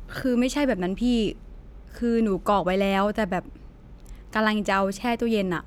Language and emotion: Thai, neutral